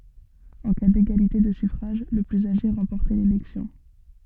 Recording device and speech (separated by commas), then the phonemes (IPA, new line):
soft in-ear microphone, read sentence
ɑ̃ ka deɡalite də syfʁaʒ lə plyz aʒe ʁɑ̃pɔʁtɛ lelɛksjɔ̃